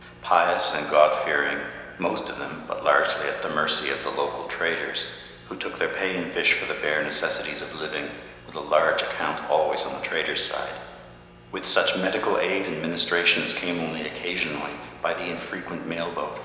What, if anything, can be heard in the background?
Nothing.